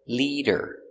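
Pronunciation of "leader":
'Liter' is said with a long e sound, and the t between the two vowels sounds like a d.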